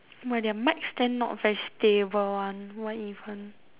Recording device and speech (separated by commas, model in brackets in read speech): telephone, conversation in separate rooms